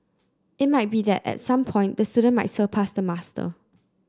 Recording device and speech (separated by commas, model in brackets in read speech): close-talking microphone (WH30), read sentence